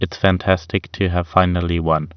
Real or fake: real